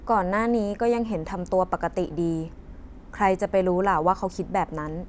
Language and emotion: Thai, neutral